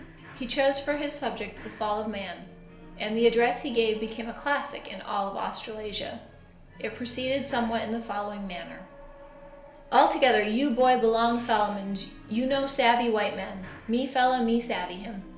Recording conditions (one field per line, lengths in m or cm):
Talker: one person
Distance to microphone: 1.0 m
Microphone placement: close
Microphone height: 1.1 m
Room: small (3.7 m by 2.7 m)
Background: television